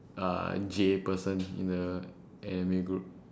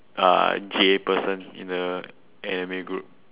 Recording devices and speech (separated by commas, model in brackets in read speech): standing microphone, telephone, conversation in separate rooms